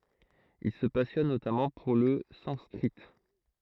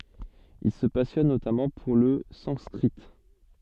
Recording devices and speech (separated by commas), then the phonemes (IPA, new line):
throat microphone, soft in-ear microphone, read sentence
il sə pasjɔn notamɑ̃ puʁ lə sɑ̃skʁi